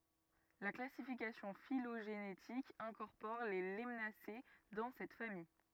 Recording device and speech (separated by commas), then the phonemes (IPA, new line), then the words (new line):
rigid in-ear microphone, read sentence
la klasifikasjɔ̃ filoʒenetik ɛ̃kɔʁpɔʁ le lanase dɑ̃ sɛt famij
La classification phylogénétique incorpore les Lemnacées dans cette famille.